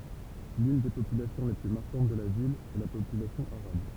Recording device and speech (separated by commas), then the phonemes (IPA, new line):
temple vibration pickup, read sentence
lyn de popylasjɔ̃ le ply maʁkɑ̃t də la vil ɛ la popylasjɔ̃ aʁab